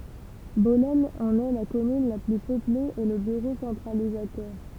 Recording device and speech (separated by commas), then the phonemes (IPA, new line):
temple vibration pickup, read sentence
bɔlɛn ɑ̃n ɛ la kɔmyn la ply pøple e lə byʁo sɑ̃tʁalizatœʁ